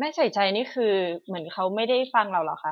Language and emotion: Thai, neutral